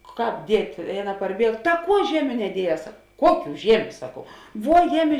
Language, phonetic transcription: Lithuanian, ˈkāp ˈdiet' i ˈaˌna parˈbieg ta ˈkuo ˈžiemiu neˈdieˌjēs ˈkuoˌkių ˈžiemiu ˈsakau ˈvuo ˈjeˌmi

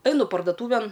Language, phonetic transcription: Lithuanian, ˈainu pardoˈtūven

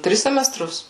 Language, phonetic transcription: Lithuanian, ˈtris semeˈstrus

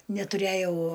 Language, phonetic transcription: Lithuanian, netuˈræjau

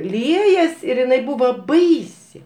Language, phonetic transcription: Lithuanian, ˈliejas ir iˈnai ˈbūva ˈbaisi

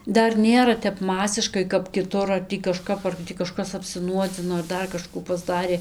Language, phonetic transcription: Lithuanian, ˈdar ˈnėra ˈtep ˈmasiškai kap kiˈtur ar ˈtį kaˈžkap ar ˈtį kaˈžkas apsiˈnuodzino ar ˈdar kaˈžkų pasˈdarė

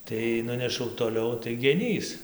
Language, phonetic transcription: Lithuanian, tai ˈnunešau toˈliau tai geˈnys

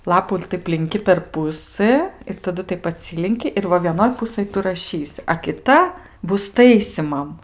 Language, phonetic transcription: Lithuanian, ˈlapų ir ˈtaip linˈki per ˈpusɘ ir taˈdu ˈtaip aˈtsilinki ir ˈva vieˈnoj ˈpusɘj ˈtu raˈšysi a kiˈta ˈbus ˈtaisymam

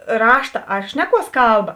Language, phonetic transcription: Lithuanian, ˈrašta ar ˈšneˌkuos ˈkalˌba

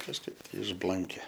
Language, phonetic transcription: Lithuanian, kažˈkaip tai išˈblanke

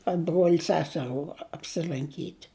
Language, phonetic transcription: Lithuanian, a ˈbruol' ˈseserų apsilanˈkyt'

